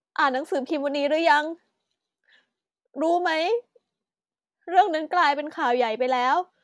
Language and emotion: Thai, sad